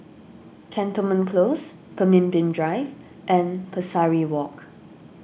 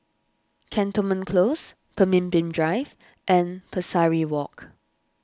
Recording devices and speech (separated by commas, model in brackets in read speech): boundary microphone (BM630), standing microphone (AKG C214), read sentence